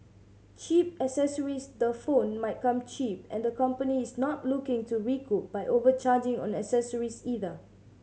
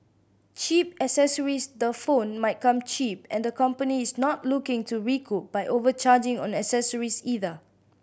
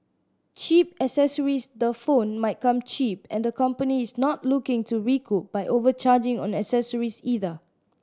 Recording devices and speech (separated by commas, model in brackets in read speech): mobile phone (Samsung C7100), boundary microphone (BM630), standing microphone (AKG C214), read sentence